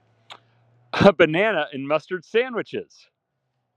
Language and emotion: English, happy